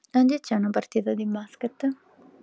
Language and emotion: Italian, neutral